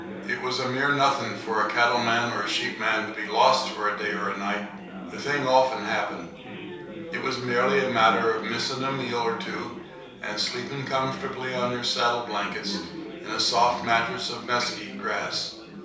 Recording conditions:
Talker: one person; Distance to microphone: 3.0 m; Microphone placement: far; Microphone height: 1.8 m; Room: small (3.7 m by 2.7 m); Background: babble

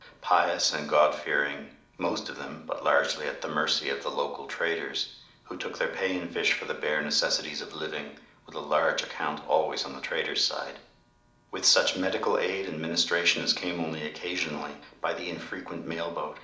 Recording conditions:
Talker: one person; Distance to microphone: 2.0 m; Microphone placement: close; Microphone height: 99 cm; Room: medium-sized (5.7 m by 4.0 m); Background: none

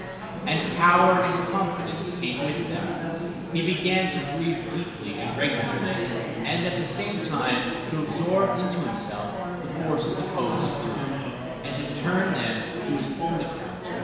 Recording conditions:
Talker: one person; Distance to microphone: 1.7 m; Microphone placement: close; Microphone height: 1.0 m; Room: very reverberant, large; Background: babble

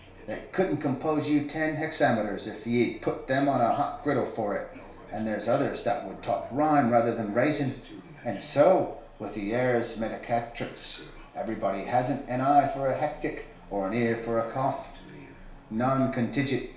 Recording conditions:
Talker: one person; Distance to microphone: 1.0 m; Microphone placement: close; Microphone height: 1.1 m; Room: small (3.7 m by 2.7 m); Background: television

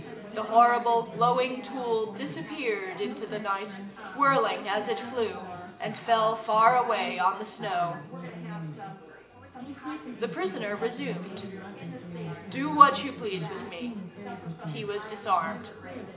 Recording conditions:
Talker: one person; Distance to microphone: 1.8 m; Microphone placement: close; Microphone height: 1.0 m; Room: large; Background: babble

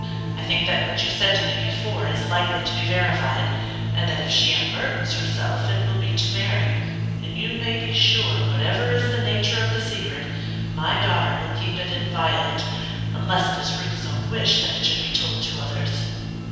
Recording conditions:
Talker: one person; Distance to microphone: 7.1 m; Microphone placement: far; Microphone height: 1.7 m; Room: very reverberant, large; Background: music

